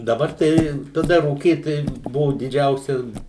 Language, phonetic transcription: Lithuanian, daˈbar ˈtai taˈda rūˈkyt tai ˈbuvu diˈdžiausias

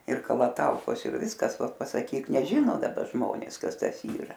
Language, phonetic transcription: Lithuanian, ir kalaˈtaukos ir ˈviskas ˈvat pasaˈkyk neˈžino daˈba ˈžmonės ˈkas ˈtas ˈyra

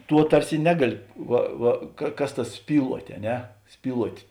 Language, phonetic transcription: Lithuanian, ˈtuo ˈtarsi ˈnegaˌli ˈva ˈva ka ˈkas ˈtas ˈspyluot' a ˈne ˈspyluot'

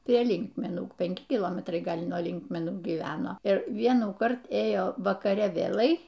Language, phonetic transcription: Lithuanian, prie ˈlinkmenų penˈki kiˈlometrai ˈgal' nuo ˈlinkmenų gyˈveno ir ˈvienųkart ˈėjo vakaˈre vėˈlai

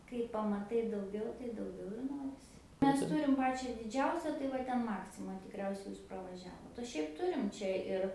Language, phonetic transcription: Lithuanian, kai pamaˈtai dauˈgiau tai dauˈgiau ir ˈnorisi ˈmes ˈturim ˈpačia diˈdžiausia tai ˈva ˈten ˈmaksima tikˈriausiai ˈjūs pravaˈžiavot o ˈšiaip ˈturim ˈčia ir

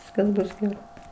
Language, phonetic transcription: Lithuanian, ˈviskas ˈbus geˈrai

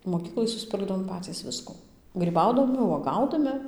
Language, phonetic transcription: Lithuanian, moˈkyklai susˈpirkdavom ˈpacys ˈvisku gryˈbaudami uoˈgaudami

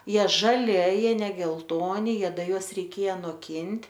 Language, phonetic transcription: Lithuanian, ˈjie žaˈli a ˈjie ne gelˈtoni ˈjie ˈda ˈjuos reiˈkėja noˈkint'

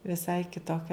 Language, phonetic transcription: Lithuanian, viˈsai kitoˈkia

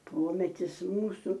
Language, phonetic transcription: Lithuanian, ˈpometis ˈmūsu

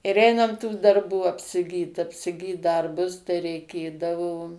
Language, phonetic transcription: Lithuanian, ir ˈeinam tų darˈbų apsiˈgyt apsiˈgyt ˈdarbus tai reiˈkėdavo

